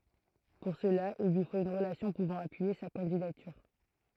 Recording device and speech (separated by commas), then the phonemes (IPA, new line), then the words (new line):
throat microphone, read sentence
puʁ səla il lyi fot yn ʁəlasjɔ̃ puvɑ̃ apyije sa kɑ̃didatyʁ
Pour cela, il lui faut une relation pouvant appuyer sa candidature.